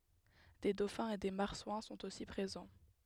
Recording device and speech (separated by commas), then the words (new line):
headset microphone, read sentence
Des dauphins et des marsouins sont aussi présents.